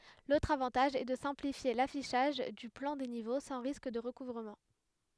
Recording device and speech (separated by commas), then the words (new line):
headset microphone, read sentence
L’autre avantage est de simplifier l’affichage du plan des niveaux sans risque de recouvrement.